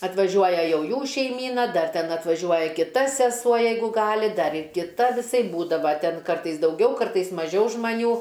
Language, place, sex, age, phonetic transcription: Lithuanian, Aukštaitija, female, 60+, atvaˈžiuoja ˈjau ˈjų šeiˈmyna ˈdar ˈten atvaˈžiuoja kiˈta seˈsuo ˈjeigu ˈgali ˈdar ir kiˈta viˈsaip ˈbūdava ˈten ˈkartais dauˈgiau ˈkartais maˈžiau žmaˈnių

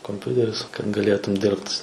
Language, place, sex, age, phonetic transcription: Lithuanian, Suvalkija, male, 18-60, komˈpiuteris kad gaˈlėtum ˈdirbt

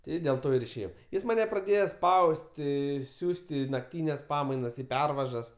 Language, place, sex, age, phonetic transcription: Lithuanian, Aukštaitija, male, 18-60, ˈti dėl ˈto ir išėˈjau ˈjis maˈne praˈdėjo ˈspausti ˈsiųst' ˈį nakˈtynes ˈpamainas ˈį ˈpervažas

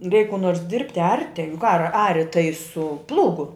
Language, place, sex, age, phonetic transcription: Lithuanian, Žemaitija, female, 60+, reik kų nors ˈdirbti ˈarti juk ar ˈari tai su ˈplūgu

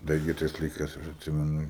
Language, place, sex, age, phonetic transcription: Lithuanian, Aukštaitija, male, 18-60, ˈda ˈirgi ˈtais laiˈkais ˈaš atˈsimenu

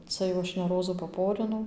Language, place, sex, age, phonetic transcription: Lithuanian, Dzūkija, female, 18-60, ˈca jau ˈaš ne ˈrozų paˈporinau

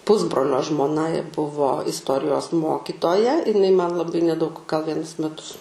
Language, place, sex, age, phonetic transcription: Lithuanian, Aukštaitija, female, 18-60, ˈpusbrolio žmoˈna buvo istˈorijos ˈmokitoja iˈnai man laˈbai neˈdaug gal ˈvienus meˈtus

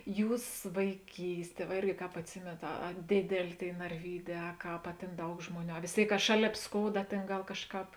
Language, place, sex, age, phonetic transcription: Lithuanian, Žemaitija, female, 18-60, ˈjūs vaiˈkysˌtie va ˈirgi ˈkāp atˈsimėnat a a ˈdėdelė ˈtėi narˈvyˌdē a ˈkāp a ˈtėn ˈdaug ˈžmoˌnių a vės ˈtėik ka ˈšaˌlėp ˈskouda ˈtėn ˈgal ˈkažˌkāp

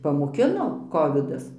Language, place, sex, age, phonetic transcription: Lithuanian, Dzūkija, female, 60+, pamoˈkino ˈkovidas

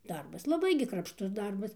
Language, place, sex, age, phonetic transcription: Lithuanian, Dzūkija, female, 60+, ˈdarbas laˈbai gi krapšˈtus ˈdarbas

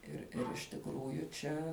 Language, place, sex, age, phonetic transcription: Lithuanian, Žemaitija, female, 18-60, ir ir iš tikˈrųju ˈčia

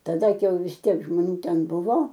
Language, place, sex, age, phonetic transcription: Lithuanian, Aukštaitija, female, 60+, taˈda ˈkai jau vis ˈtiek žmoˈnių ˈten ˈbuvo

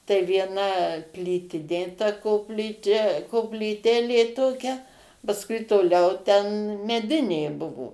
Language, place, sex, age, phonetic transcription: Lithuanian, Suvalkija, female, 60+, tai vieˈna ˈplytinė ta kopˈlyčia koplyˈtėlė ˈtokia pasˈkui toˈliau ten meˈdinė ˈbuvo

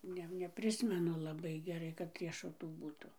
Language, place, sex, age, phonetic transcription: Lithuanian, Dzūkija, female, 60+, ˈne neˈprismenu laˈbai geˈrai kad riešuˈtų ˈbūtu

